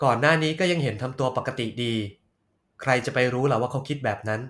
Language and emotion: Thai, neutral